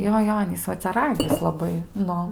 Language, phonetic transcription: Lithuanian, ˈjo ˈjo ˈanys ˈva cia ˈragis laˈbai ˈnu

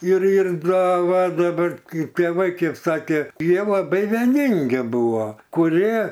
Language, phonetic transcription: Lithuanian, ir ir ˈdaˈva daˈbar ˈkaip tėˈvai ˈkėp ˈsakė ˈjie laˈbai veˈningi ˈbūvo kuˈrie

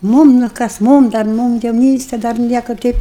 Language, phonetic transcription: Lithuanian, ˈmūm nu ˈkas ˈmūm dar ˈmūm jauˈnyste dar ˈnieka ˈteip

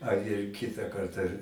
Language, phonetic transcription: Lithuanian, ar ir ˈkita ˈkarta

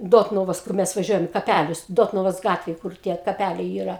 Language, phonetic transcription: Lithuanian, ˈdotnuvos kur ˈmes vaˈžiuojam i kaˈpælius ˈdotnuvos ˈgatvej kur ˈtie kaˈpæliai yˈra

